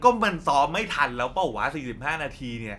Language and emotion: Thai, frustrated